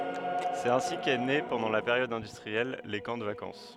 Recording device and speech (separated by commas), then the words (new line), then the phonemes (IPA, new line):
headset microphone, read sentence
C'est ainsi qu'est né pendant la période industrielle, les camps de vacances.
sɛt ɛ̃si kɛ ne pɑ̃dɑ̃ la peʁjɔd ɛ̃dystʁiɛl le kɑ̃ də vakɑ̃s